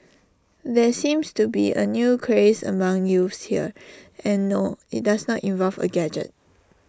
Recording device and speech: standing microphone (AKG C214), read sentence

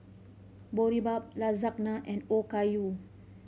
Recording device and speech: mobile phone (Samsung C5010), read sentence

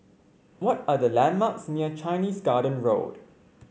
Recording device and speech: mobile phone (Samsung C5), read sentence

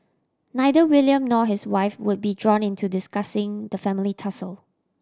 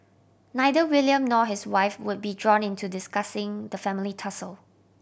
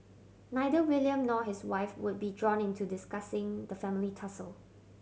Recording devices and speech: standing microphone (AKG C214), boundary microphone (BM630), mobile phone (Samsung C7100), read sentence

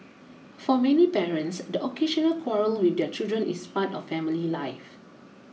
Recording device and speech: mobile phone (iPhone 6), read sentence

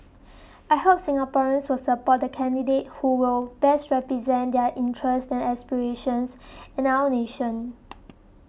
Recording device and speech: boundary microphone (BM630), read sentence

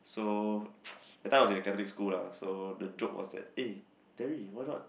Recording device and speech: boundary microphone, conversation in the same room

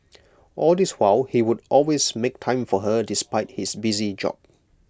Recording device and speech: close-talking microphone (WH20), read sentence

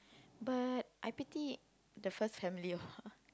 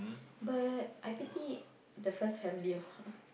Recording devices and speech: close-talking microphone, boundary microphone, conversation in the same room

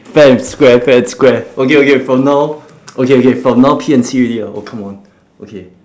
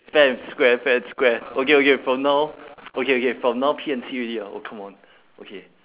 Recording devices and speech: standing microphone, telephone, conversation in separate rooms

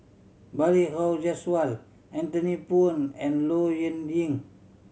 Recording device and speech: mobile phone (Samsung C7100), read sentence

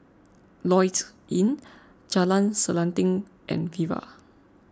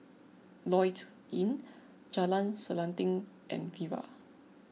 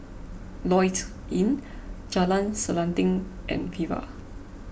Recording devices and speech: close-talking microphone (WH20), mobile phone (iPhone 6), boundary microphone (BM630), read sentence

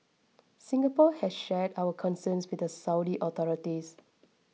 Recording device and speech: mobile phone (iPhone 6), read sentence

